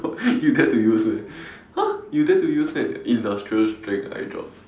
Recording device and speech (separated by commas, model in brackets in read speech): standing microphone, conversation in separate rooms